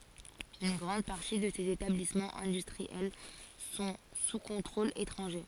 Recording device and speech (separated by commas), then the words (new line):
forehead accelerometer, read sentence
Une grande partie de ces établissements industriels sont sous contrôle étranger.